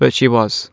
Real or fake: real